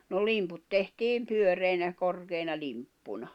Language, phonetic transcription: Finnish, no 'limput tehtiim 'pyöreinä , 'korkeina limppuna .
- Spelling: no limput tehtiin pyöreinä korkeina limppuina

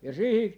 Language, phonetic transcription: Finnish, ja 'siihi , .
- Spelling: ja siihen

